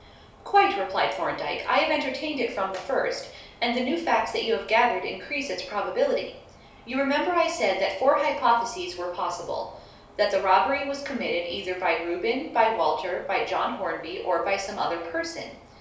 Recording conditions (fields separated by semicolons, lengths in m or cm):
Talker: one person; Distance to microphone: 3.0 m; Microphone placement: far; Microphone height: 1.8 m; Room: small (3.7 m by 2.7 m); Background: none